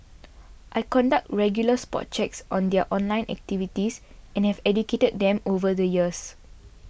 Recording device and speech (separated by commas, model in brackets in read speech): boundary microphone (BM630), read sentence